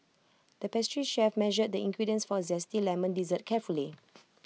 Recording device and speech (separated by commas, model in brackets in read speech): mobile phone (iPhone 6), read sentence